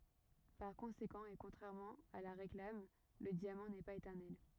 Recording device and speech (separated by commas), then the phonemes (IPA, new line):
rigid in-ear microphone, read sentence
paʁ kɔ̃sekɑ̃ e kɔ̃tʁɛʁmɑ̃ a la ʁeklam lə djamɑ̃ nɛ paz etɛʁnɛl